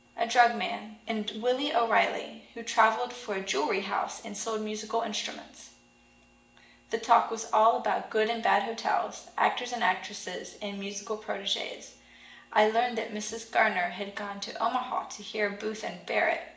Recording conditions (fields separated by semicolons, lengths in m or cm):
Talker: one person; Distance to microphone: 1.8 m; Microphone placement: close; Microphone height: 1.0 m; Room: large; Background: none